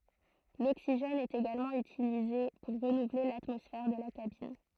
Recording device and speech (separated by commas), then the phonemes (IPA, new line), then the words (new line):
throat microphone, read sentence
loksiʒɛn ɛt eɡalmɑ̃ ytilize puʁ ʁənuvle latmɔsfɛʁ də la kabin
L'oxygène est également utilisé pour renouveler l'atmosphère de la cabine.